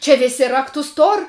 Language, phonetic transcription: Lithuanian, čia ˈvėsi ˈraktus ˈtor'

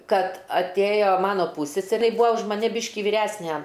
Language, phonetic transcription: Lithuanian, ˈkad atˈėjo ˈmano ˈpūsseserė ji ˈbūvo už maˈni ˈbyški vyˈræsnæ

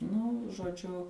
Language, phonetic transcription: Lithuanian, nu žoˈdžiu

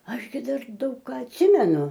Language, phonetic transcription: Lithuanian, ˈaš gi ˈdar ˈdaug ˈką atˈsimenu

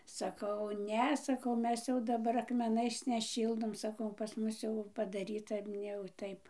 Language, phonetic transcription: Lithuanian, saˈkau ˈne saˈkau ˈmes jau daˈbar akmeˈnais neˈšyldom saˈkau pas ˈmus jau padaˈryta ˈne jau ˈtaip

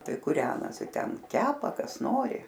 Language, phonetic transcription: Lithuanian, ˈtai kuˈrenosi ˈten ˈkepa ˈkas ˈnori

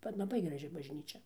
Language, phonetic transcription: Lithuanian, bet laˈbai graˈži bažˈnyčia

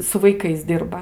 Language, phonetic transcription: Lithuanian, su vaiˈkais ˈdirba

